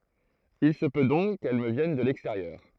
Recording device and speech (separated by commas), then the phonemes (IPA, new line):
throat microphone, read sentence
il sə pø dɔ̃k kɛl mə vjɛn də lɛksteʁjœʁ